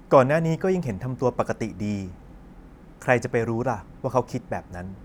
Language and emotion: Thai, neutral